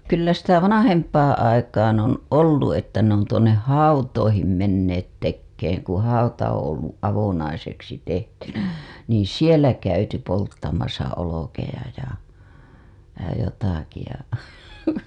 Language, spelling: Finnish, kyllä sitä vanhempaan aikaan on ollut että ne on tuonne hautoihin menneet tekemään kun hauta on ollut avonaiseksi tehtynä niin siellä käyty polttamassa olkia ja ja jotakin ja
- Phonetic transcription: 'kyllä sitä "vanahempaaa̰ 'aikaaa̰ on "ollu 'että ne ‿on tuoǹeh "hautoihim menneet 'tekkeeŋ ku 'hauta oo̰ ollu’ '’avonaiseksi tehtynÄ , niiḭ "sielä käyty polttamasa olokeja ja , ja 'jotaki ja .

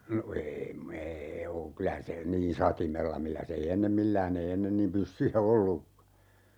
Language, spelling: Finnish, no - - ei ole kyllä se niin satimella millä se ei ennen millään ei ennen niin pyssyjä ollutkaan
- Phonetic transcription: no 'ee , 'm ‿ee oo 'kylä se , 'niin "satimella milläs ‿ei 'ennem "millään ‿ei 'ennen niim 'pyssyjä "ollukka .

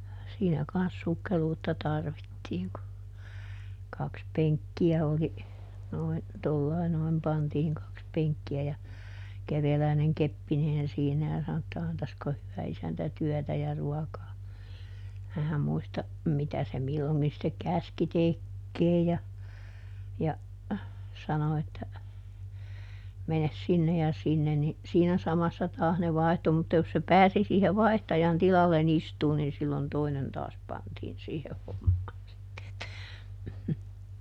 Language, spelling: Finnish, siinä kanssa sukkeluutta tarvittiin kun kaksi penkkiä oli noin tuolla lailla noin pantiin kaksi penkkiä ja kerjäläinen keppeineen siinä ja sanoi että antaisiko hyvä isäntä työtä ja ruokaa - muista mitä se milloinkin sitten käski tekemään ja ja sanoi että mene sinne ja sinne niin siinä samassa taas ne vaihtui mutta jos se pääsi siihen vaihtajan tilalle istumaan niin silloin toinen taas pantiin siihen hommaan sitten että
- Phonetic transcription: ˈsiinä ˈkans ˈsukkeluutta ˈtarvittiiŋ ku , ˈkaks "peŋkki₍ä oli , noin , ˈtollai noim ˈpantiiŋ kaks ˈpeŋkki₍ä ja , ˈkerjäläineŋ "keppineen siinä ja sano että » ˈantasko hyvä ˈisäntä "tyɔ̈̀tä ja ˈruɔkaa » , (--) ˈmuista , ˈmitä se ˈmilloŋki sⁱttek "käski "tekkeej ja , ja , ˈsano että , » ˈmenes ˈsinne ja sinnen » ni , ˈsiinä ˈsamassa taas ne ˈvaihtu mutta jos se "pääsi siihe "vai̮htajan ˈtilalle"n ‿istuun nin sillon ˈtoinen ˈtaas pantiin ˈsiiheh hommaan sitte että .

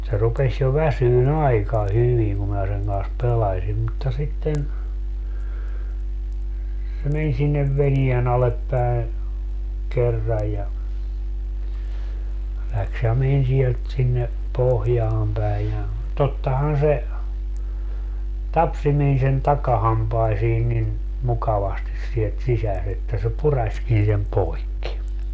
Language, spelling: Finnish, se rupesi jo väsymään aika hyvin kun minä sen kanssa pelasin mutta sitten se meni sinne veneen alle päin kerran ja lähti ja meni sieltä sinne pohjaan päin ja tottahan se tapsi meni sen takahampaisiin niin mukavasti sieltä sisässä että se puraisikin sen poikki
- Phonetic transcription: se 'rupeś jo "väsyy"n ‿aika 'hyviŋ kum mää seŋ kans 'pelasim mutta 'sitten , se 'men sinnev 'venien ‿alep päe , 'kerraj̆ ja , läks ja 'men siɛlt sinne , 'pohjaam päi ja , 'tottahan se , "tapsi meni sen "takahampaisii nin , 'mukavastis sielt "sisäs ‿että se 'puraśkin sem "poikki .

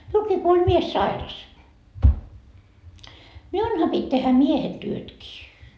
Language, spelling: Finnish, minullakin kun oli mies sairas minunhan piti tehdä miehen työtkin
- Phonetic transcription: 'miulkii ko oĺ 'mies "sairas , "miunha pit́ tehä "miehen "työtkii .

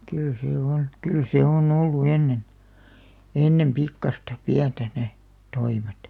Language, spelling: Finnish, kyllä se on kyllä se on ollut ennen ennen pikkuista pientä ne toimet
- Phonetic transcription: 'kyl 'see "on , 'kyl 'sè on 'ollu "ennen , 'ennem "pikkasta , "piäntä 'ne , 'toimet .

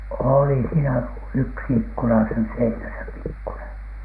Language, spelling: Finnish, oli siinä yksi ikkuna siinä seinässä pikkunen
- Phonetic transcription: òli siinä "yksi ikkuna siinä 'seinäsä 'pikkuneN .

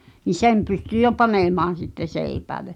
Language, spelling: Finnish, niin sen pystyi jo panemaan sitten seipäälle
- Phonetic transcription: ni "sem pysty jo "panèmaan̬ sitte 'sèipääle .

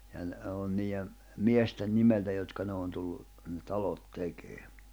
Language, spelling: Finnish, ja ne on niiden miesten nimeltä jotka ne on tullut ne talot tekee
- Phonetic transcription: ja ne òn niiʲe , 'mie̬sten 'nimeltä jotka ne on tullu , ne 'talot 'tekee .

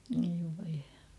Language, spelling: Finnish, oi voi
- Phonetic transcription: oi voi .

